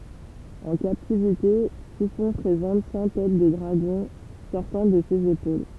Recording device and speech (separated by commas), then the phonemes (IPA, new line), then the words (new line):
temple vibration pickup, read sentence
ɑ̃ kaptivite tifɔ̃ pʁezɑ̃t sɑ̃ tɛt də dʁaɡɔ̃ sɔʁtɑ̃ də sez epol
En captivité, Typhon présente cent têtes de dragons sortant de ses épaules.